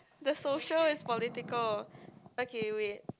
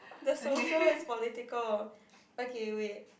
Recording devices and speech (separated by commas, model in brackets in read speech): close-talking microphone, boundary microphone, conversation in the same room